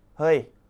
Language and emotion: Thai, angry